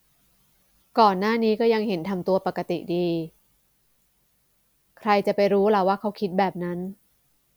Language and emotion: Thai, frustrated